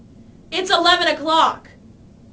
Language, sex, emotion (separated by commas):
English, female, angry